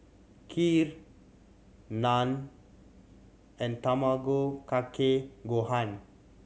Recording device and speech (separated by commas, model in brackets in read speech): mobile phone (Samsung C7100), read sentence